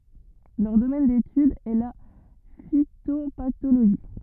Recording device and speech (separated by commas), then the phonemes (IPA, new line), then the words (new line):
rigid in-ear microphone, read sentence
lœʁ domɛn detyd ɛ la fitopatoloʒi
Leur domaine d'étude est la phytopathologie.